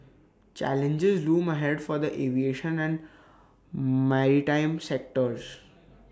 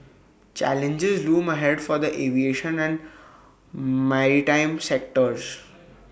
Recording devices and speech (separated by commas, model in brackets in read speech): standing microphone (AKG C214), boundary microphone (BM630), read sentence